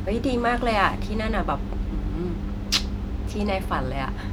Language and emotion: Thai, happy